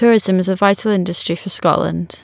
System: none